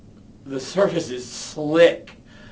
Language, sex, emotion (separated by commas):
English, male, disgusted